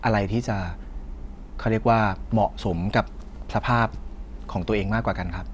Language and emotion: Thai, frustrated